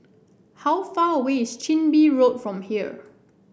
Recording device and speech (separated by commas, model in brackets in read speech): boundary microphone (BM630), read sentence